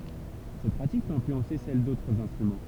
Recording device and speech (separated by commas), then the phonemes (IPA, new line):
temple vibration pickup, read sentence
sɛt pʁatik pøt ɛ̃flyɑ̃se sɛl dotʁz ɛ̃stʁymɑ̃